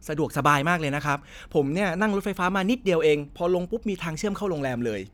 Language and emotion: Thai, happy